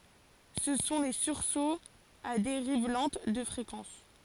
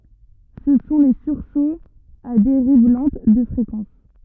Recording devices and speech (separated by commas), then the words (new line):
forehead accelerometer, rigid in-ear microphone, read sentence
Ce sont les sursauts à dérive lente de fréquence.